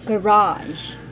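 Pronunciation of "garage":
'Garage' is said the American way, with the stress on the second syllable.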